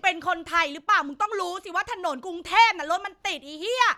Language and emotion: Thai, angry